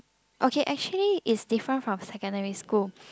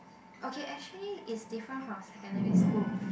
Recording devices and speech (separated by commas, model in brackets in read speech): close-talking microphone, boundary microphone, conversation in the same room